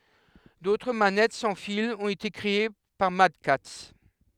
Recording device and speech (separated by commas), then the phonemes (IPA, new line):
headset microphone, read sentence
dotʁ manɛt sɑ̃ filz ɔ̃t ete kʁee paʁ madkats